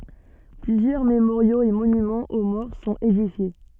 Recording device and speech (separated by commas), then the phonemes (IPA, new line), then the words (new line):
soft in-ear microphone, read sentence
plyzjœʁ memoʁjoz e monymɑ̃z o mɔʁ sɔ̃t edifje
Plusieurs mémoriaux et monuments aux morts sont édifiés.